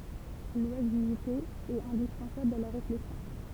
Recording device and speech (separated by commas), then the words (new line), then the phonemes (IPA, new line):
temple vibration pickup, read sentence
L’oisiveté est indispensable à la réflexion.
lwazivte ɛt ɛ̃dispɑ̃sabl a la ʁeflɛksjɔ̃